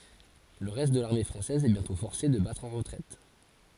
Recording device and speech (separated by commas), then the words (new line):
forehead accelerometer, read sentence
Le reste de l'armée française est bientôt forcé de battre en retraite.